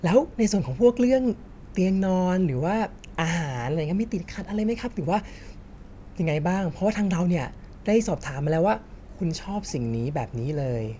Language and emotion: Thai, happy